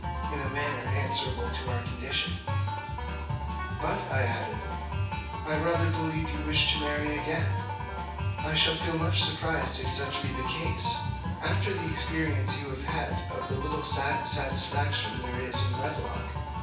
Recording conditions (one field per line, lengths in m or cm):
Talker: one person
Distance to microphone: 9.8 m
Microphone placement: far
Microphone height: 1.8 m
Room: large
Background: music